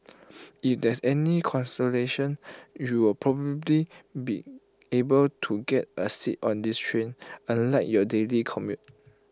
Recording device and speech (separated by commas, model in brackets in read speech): close-talking microphone (WH20), read sentence